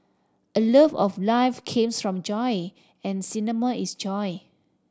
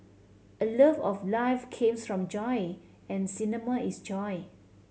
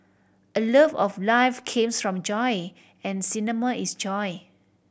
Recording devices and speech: standing microphone (AKG C214), mobile phone (Samsung C7100), boundary microphone (BM630), read sentence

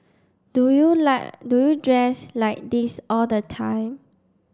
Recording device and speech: standing microphone (AKG C214), read sentence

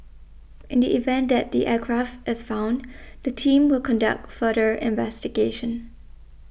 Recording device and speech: boundary microphone (BM630), read sentence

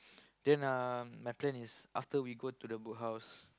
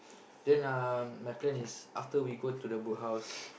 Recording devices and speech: close-talking microphone, boundary microphone, conversation in the same room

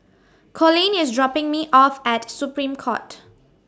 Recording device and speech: standing microphone (AKG C214), read sentence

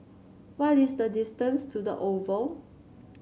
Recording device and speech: mobile phone (Samsung C7), read sentence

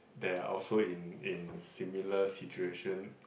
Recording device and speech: boundary microphone, conversation in the same room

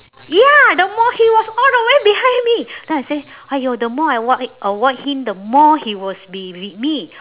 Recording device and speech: telephone, conversation in separate rooms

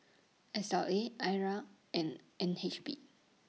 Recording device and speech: mobile phone (iPhone 6), read sentence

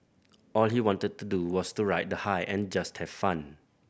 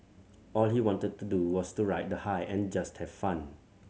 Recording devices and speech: boundary microphone (BM630), mobile phone (Samsung C7100), read sentence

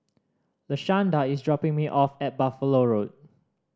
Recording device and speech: standing microphone (AKG C214), read sentence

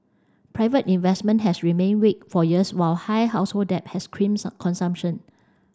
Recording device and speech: standing microphone (AKG C214), read sentence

